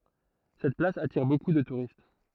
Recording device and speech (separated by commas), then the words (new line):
throat microphone, read sentence
Cette place attire beaucoup de touristes.